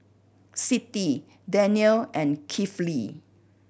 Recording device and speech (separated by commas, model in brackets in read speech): boundary microphone (BM630), read sentence